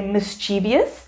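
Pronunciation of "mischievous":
'Mischievous' is pronounced incorrectly here.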